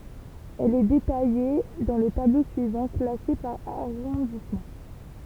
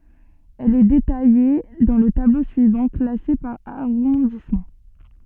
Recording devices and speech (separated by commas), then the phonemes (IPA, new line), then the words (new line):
temple vibration pickup, soft in-ear microphone, read sentence
ɛl ɛ detaje dɑ̃ lə tablo syivɑ̃ klase paʁ aʁɔ̃dismɑ̃
Elle est détaillée dans le tableau suivant, classée par arrondissement.